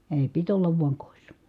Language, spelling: Finnish, ei piti olla vain kodissa
- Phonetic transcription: èi̮ , pit ollav vuaŋ kòissA .

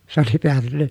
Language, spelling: Finnish, se oli päätynyt
- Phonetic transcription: se ‿oli peätynnä ,.

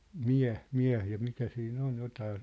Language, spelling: Finnish, mie mie ja mitä siinä on jotakin
- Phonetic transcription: » "miäʰ , 'miäh « ja 'mitä sii'n ‿on̳ 'jotaa .

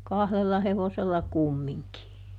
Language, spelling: Finnish, kahdella hevosella kumminkin
- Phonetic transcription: "kahlella ˈhevosella ˈkummiŋki .

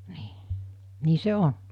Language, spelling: Finnish, niin niin se on
- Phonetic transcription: 'nii , 'nii 'se "on .

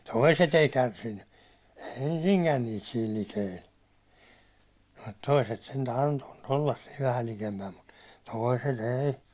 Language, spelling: Finnish, toiset ei kärsinyt ensinkään niitä siinä likellä mutta toiset sentään antoivat olla siinä vähän likempänä mutta toiset ei
- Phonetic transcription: toiset ‿ei 'kärsinny , "ensiŋkän niit siil 'likeil , mut 'toiset sentä antoᴠᴀt ollas siiv 'vähäl 'likempäm mut , "tòi̬set "èi̬ .

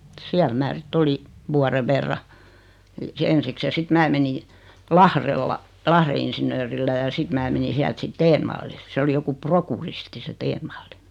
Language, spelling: Finnish, siellä minä sitten olin vuoden verran ensiksi ja sitten minä menin Lahdella Lahden insinöörillä ja sitten minä menin sieltä sitten Stenvallille se oli joku prokuristi se Stenvall
- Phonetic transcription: 'siäl 'mää sit't ‿oli , 'vuare verra , 'ensiks ja sit 'mää 'meni , "Lahrella , 'Lahre insinöörillä ja 'sit mää meni 'siält sit "teenvallil 'se oli 'joku "proku'risti se 'Teenvalli .

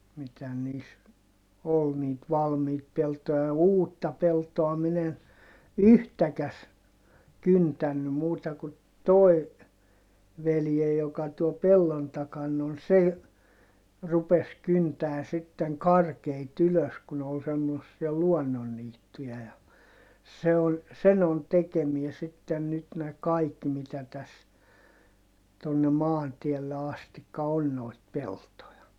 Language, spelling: Finnish, mitä niissä oli niitä valmiita peltoja ja uutta peltoa minä en yhtäkään kyntänyt muuta kuin tuo veljeni joka tuolla pellon takana on se - rupesi kyntämään sitten karkeita ylös kun ne oli semmoisia luonnonniittyjä ja se on sen on tekemää sitten nyt nämä kaikki mitä tässä tuonne maantielle asti on noita peltoja
- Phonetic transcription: mitä niis , ol niit valmiit peltoja ja uutta peltoa min ‿en , yhtäkäs , kyntänny muuta ku toi̮ , veljej joka tuol pellon takan on se ‿j- , rupes kyntää sitteŋ karkeit ‿ylös ku ne ol semmossia luɔnnonniittuja ja , se on , sen ‿on tekemiɛ sitten nyt nä kaik mitä täs , tonne maantiɛlle astikka on noit peltoja .

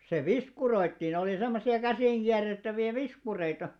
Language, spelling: Finnish, se viskuroitiin oli semmoisia käsinkierrettäviä viskureita
- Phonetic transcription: se "viskuroittiin ‿olì 'semmosi₍a 'käsìŋɢiärrettävi₍ä "viskureita .

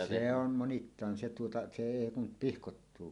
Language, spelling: Finnish, se on monittain se tuota se ei kun pihkoittuu
- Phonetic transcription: 'se ‿om 'monittaan se tuota 'se "èi kum "pihkottuu .

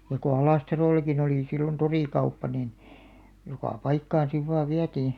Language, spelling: Finnish, ja kun Alastarollakin oli silloin torikauppa niin joka paikkaan sitten vain vietiin
- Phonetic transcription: ja ko 'Alàstaròl̆lakin ‿olì sillon "torìkauppa nin , joka "paikkaan siv vaav 'viätii .

